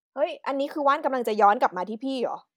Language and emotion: Thai, frustrated